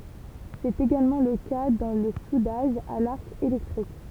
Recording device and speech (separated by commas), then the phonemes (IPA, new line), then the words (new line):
temple vibration pickup, read sentence
sɛt eɡalmɑ̃ lə ka dɑ̃ lə sudaʒ a laʁk elɛktʁik
C'est également le cas dans le soudage à l'arc électrique.